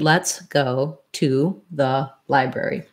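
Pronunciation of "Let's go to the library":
'Let's go to the library' is said word by word, one word at a time, not the way people normally talk.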